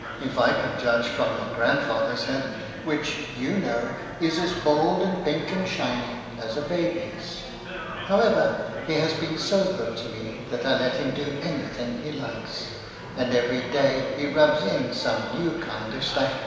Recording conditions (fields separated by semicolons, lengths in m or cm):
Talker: one person; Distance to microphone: 1.7 m; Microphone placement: close; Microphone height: 1.0 m; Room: very reverberant, large; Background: babble